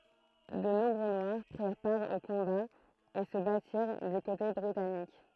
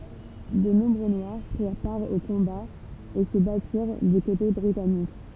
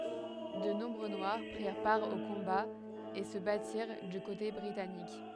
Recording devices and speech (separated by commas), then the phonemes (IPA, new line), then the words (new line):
throat microphone, temple vibration pickup, headset microphone, read sentence
də nɔ̃bʁø nwaʁ pʁiʁ paʁ o kɔ̃baz e sə batiʁ dy kote bʁitanik
De nombreux Noirs prirent part aux combats et se battirent du côté britannique.